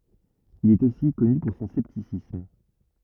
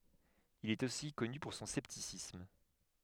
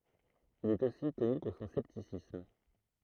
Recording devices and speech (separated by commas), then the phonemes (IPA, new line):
rigid in-ear microphone, headset microphone, throat microphone, read sentence
il ɛt osi kɔny puʁ sɔ̃ sɛptisism